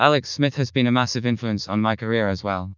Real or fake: fake